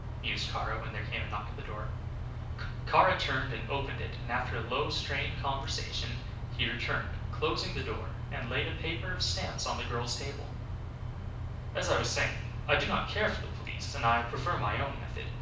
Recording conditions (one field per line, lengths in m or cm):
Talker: one person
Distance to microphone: 5.8 m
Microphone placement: far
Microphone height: 1.8 m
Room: medium-sized (5.7 m by 4.0 m)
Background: none